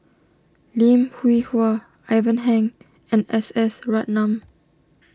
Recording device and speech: standing microphone (AKG C214), read sentence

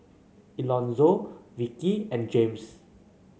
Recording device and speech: mobile phone (Samsung C9), read sentence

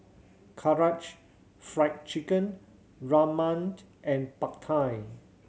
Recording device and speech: mobile phone (Samsung C7100), read sentence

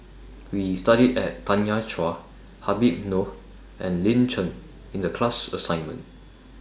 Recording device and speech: standing microphone (AKG C214), read sentence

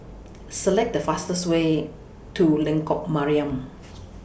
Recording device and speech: boundary microphone (BM630), read sentence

